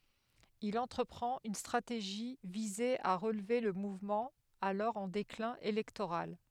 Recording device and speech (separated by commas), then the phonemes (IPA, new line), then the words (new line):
headset microphone, read sentence
il ɑ̃tʁəpʁɑ̃t yn stʁateʒi vize a ʁəlve lə muvmɑ̃ alɔʁ ɑ̃ deklɛ̃ elɛktoʁal
Il entreprend une stratégie viser à relever le mouvement, alors en déclin électoral.